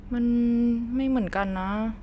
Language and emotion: Thai, sad